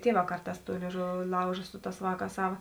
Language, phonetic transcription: Lithuanian, ˈtieˌvā ˈkarˌtās ˈtų lėiˈžuvi ˈlauža ˈsu ˈtās ˈvāˌkās ˈsava

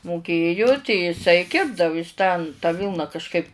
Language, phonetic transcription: Lithuanian, moˈkėju tei jiˈsai ˈkirpdavu is tan tą ˈvylna kažˈkaip

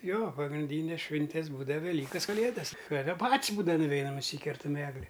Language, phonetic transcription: Lithuanian, ˈjo pagrinˈdynes ˈšvintes ˈbūdav veˈlykas kaˈlėdas ˈtada ˈpat's' ˈbūdava nuˈveinam nuˈsykertam ˈegli

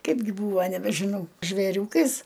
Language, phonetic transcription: Lithuanian, ˈkaipgi ˈbūva nebežiˈnau žvėˈriūkais

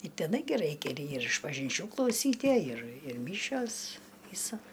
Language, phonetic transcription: Lithuanian, i teˈnai gi ˈraikia ir išpažinˈčių klauˈsytie ir ir ˈmyšios ˈ vysa

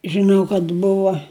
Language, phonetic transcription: Lithuanian, žiˈnau kad ˈbuva

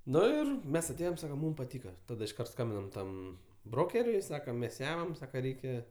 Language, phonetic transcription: Lithuanian, ˈnu ir ˈmes aˈtėjom ˈsakam ˈmūm paˈtyka ˈtada išˈkart ˈskambinam ˈtam ˈbrokeriui ˈsakam ˈmes ˈjamam ˈsaka ˈreikia

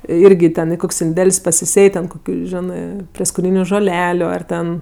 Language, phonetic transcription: Lithuanian, ˈirgi ten i ˈkok's' inˈdel's' pasiˈsėj ten ˈkokiu ˈženɜ prieskoˈnyniu žoˈleliu ˈar ten

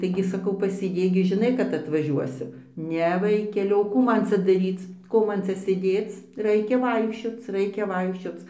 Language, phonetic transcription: Lithuanian, taiˈgi saˈkau pasėˈdėk gi žiˈnai kad atvaˈžiuosim ˈne ˈvaikeli o ˈkų ˈman ˈcia daˈryc ˈko ˈman ˈcia sėˈdėc ˈraikia ˈvaikščioc ˈraikia ˈvaikščioc

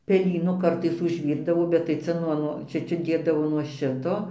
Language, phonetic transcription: Lithuanian, peˈlynu ˈkartais užˈvyrdavo bet tai ˈcia nuo ˈnuo ˈčia ˈčia ˈdėdavo nuo ˈšito

